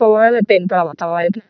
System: VC, vocoder